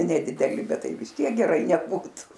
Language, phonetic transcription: Lithuanian, nedideˈli ˈbet ˈtai vis ˈtiek geˈrai neˈbūtu

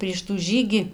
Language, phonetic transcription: Lithuanian, prieš tų ˈžygį

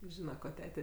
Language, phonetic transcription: Lithuanian, ˈžyna ko ˈtete

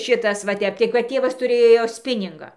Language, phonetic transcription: Lithuanian, ˈšitas va ˈtep tai kad ˈtėvas tuˈrėjo ˈspiningą

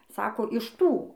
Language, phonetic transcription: Lithuanian, ˈsako iš ˈtų

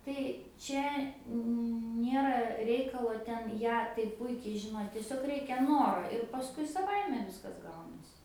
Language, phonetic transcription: Lithuanian, tai ˈčia ˈnėra ˈreikalo ˈten ˈją tai ˈpuikiai žiˈno tieˈsiog ˈreikia ˈnoro ir paˈskui saˈvaime ˈviskas ˈgaunasi

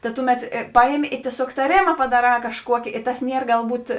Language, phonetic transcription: Lithuanian, ta ˈtuˌmet ˈpajemi i tieˈsiog taˈrėma padaˈrā kažˈkuoki i tas ˈnier galˈbūt

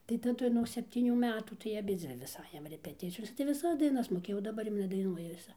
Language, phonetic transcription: Lithuanian, tai taˈdu nuog sepˈtynių ˈmetų tai aˈbidzvi vis ˈajam repeˈticijose tai viˈsas daiˈnas moˈkėjau daˈbar jau nedaiˈnuoja viˈsai

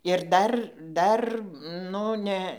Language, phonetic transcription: Lithuanian, ir ˈdar ˈdar ˈnu ne

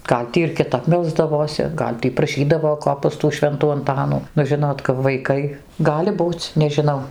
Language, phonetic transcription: Lithuanian, ˈgal' tį ir kiˈtap ˈmelsdavosi ˈgal' tį praˈšydavo ˈko pas tų ˈšventų anˈtanų nu ˈžinot kap vaiˈkai ˈgali ˈbūc nežiˈnau

